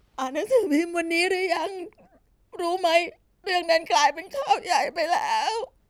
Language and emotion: Thai, sad